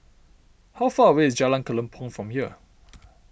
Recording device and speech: boundary microphone (BM630), read sentence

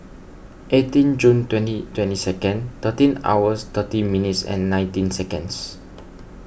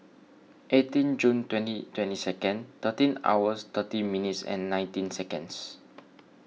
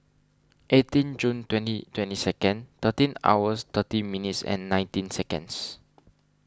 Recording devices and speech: boundary microphone (BM630), mobile phone (iPhone 6), standing microphone (AKG C214), read sentence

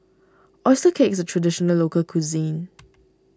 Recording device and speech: standing microphone (AKG C214), read sentence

